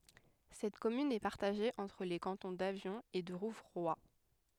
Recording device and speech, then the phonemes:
headset microphone, read sentence
sɛt kɔmyn ɛ paʁtaʒe ɑ̃tʁ le kɑ̃tɔ̃ davjɔ̃ e də ʁuvʁwa

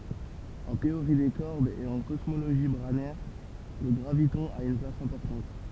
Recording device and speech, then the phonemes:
temple vibration pickup, read sentence
ɑ̃ teoʁi de kɔʁdz e ɑ̃ kɔsmoloʒi bʁanɛʁ lə ɡʁavitɔ̃ a yn plas ɛ̃pɔʁtɑ̃t

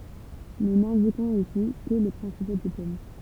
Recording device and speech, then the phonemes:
temple vibration pickup, read sentence
nu nɛ̃dikɔ̃z isi kə le pʁɛ̃sipo diplom

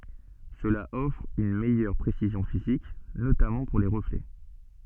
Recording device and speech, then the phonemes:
soft in-ear microphone, read sentence
səla ɔfʁ yn mɛjœʁ pʁesizjɔ̃ fizik notamɑ̃ puʁ le ʁəflɛ

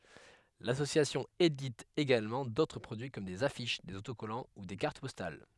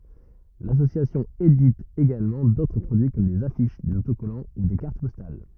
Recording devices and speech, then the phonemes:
headset microphone, rigid in-ear microphone, read sentence
lasosjasjɔ̃ edit eɡalmɑ̃ dotʁ pʁodyi kɔm dez afiʃ dez otokɔlɑ̃ u de kaʁt pɔstal

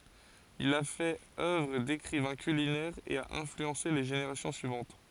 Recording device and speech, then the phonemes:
forehead accelerometer, read sentence
il a fɛt œvʁ dekʁivɛ̃ kylinɛʁ e a ɛ̃flyɑ̃se le ʒeneʁasjɔ̃ syivɑ̃t

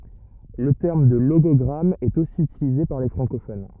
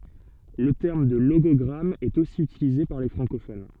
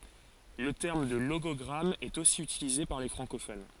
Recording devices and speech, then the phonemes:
rigid in-ear microphone, soft in-ear microphone, forehead accelerometer, read sentence
lə tɛʁm də loɡɔɡʁam ɛt osi ytilize paʁ le fʁɑ̃kofon

